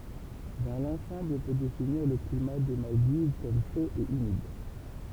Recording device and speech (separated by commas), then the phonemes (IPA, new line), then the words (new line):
temple vibration pickup, read sentence
dɑ̃ lɑ̃sɑ̃bl ɔ̃ pø definiʁ lə klima de maldiv kɔm ʃo e ymid
Dans l'ensemble on peut définir le climat des Maldives comme chaud et humide.